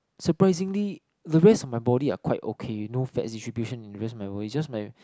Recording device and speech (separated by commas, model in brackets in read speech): close-talking microphone, conversation in the same room